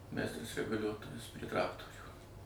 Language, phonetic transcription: Lithuanian, ˈmeistras reguˈliuotojas prie ˈtraktorių

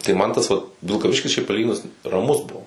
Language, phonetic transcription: Lithuanian, tai ˈman tas ˈvat vilkaˈviškis šiaip paˈlyginus raˈmus ˈbuo

